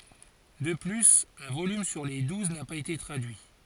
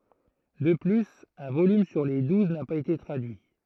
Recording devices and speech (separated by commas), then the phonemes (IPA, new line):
forehead accelerometer, throat microphone, read sentence
də plyz œ̃ volym syʁ le duz na paz ete tʁadyi